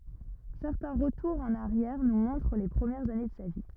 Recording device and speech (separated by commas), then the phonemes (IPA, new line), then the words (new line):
rigid in-ear microphone, read sentence
sɛʁtɛ̃ ʁətuʁz ɑ̃n aʁjɛʁ nu mɔ̃tʁ le pʁəmjɛʁz ane də sa vi
Certains retours en arrière nous montrent les premières années de sa vie.